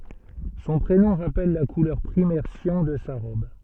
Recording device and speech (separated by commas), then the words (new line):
soft in-ear microphone, read sentence
Son prénom rappelle la couleur primaire cyan de sa robe.